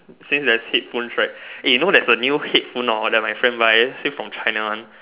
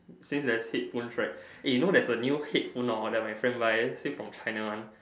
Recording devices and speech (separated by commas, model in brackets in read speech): telephone, standing microphone, conversation in separate rooms